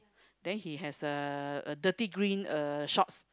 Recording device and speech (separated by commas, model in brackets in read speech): close-talking microphone, conversation in the same room